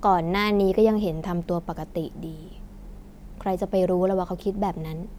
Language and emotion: Thai, neutral